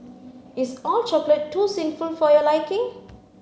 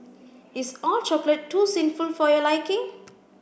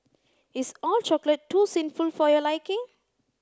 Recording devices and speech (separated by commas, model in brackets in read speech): mobile phone (Samsung C9), boundary microphone (BM630), close-talking microphone (WH30), read sentence